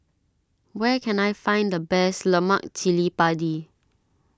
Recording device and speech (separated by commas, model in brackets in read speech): standing microphone (AKG C214), read sentence